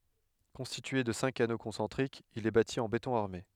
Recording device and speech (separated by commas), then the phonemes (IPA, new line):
headset microphone, read sentence
kɔ̃stitye də sɛ̃k ano kɔ̃sɑ̃tʁikz il ɛ bati ɑ̃ betɔ̃ aʁme